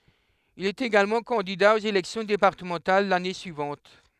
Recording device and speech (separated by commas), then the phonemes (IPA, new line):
headset microphone, read sentence
il ɛt eɡalmɑ̃ kɑ̃dida oz elɛksjɔ̃ depaʁtəmɑ̃tal lane syivɑ̃t